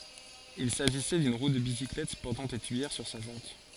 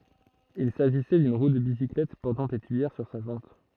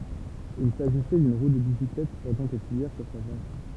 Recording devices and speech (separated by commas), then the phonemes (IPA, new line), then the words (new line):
forehead accelerometer, throat microphone, temple vibration pickup, read sentence
il saʒisɛ dyn ʁu də bisiklɛt pɔʁtɑ̃ de tyijɛʁ syʁ sa ʒɑ̃t
Il s'agissait d'une roue de bicyclette portant des tuyères sur sa jante.